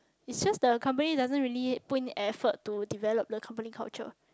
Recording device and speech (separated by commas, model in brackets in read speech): close-talking microphone, conversation in the same room